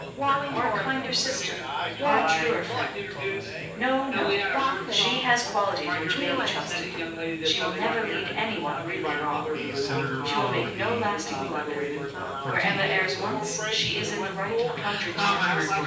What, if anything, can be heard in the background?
Crowd babble.